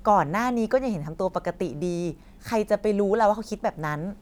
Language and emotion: Thai, neutral